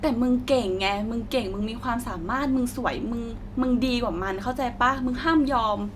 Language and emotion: Thai, neutral